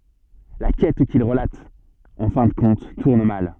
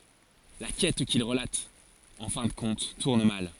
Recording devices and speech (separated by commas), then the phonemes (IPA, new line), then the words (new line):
soft in-ear microphone, forehead accelerometer, read sentence
la kɛt kil ʁəlat ɑ̃ fɛ̃ də kɔ̃t tuʁn mal
La quête qu’il relate, en fin de compte, tourne mal.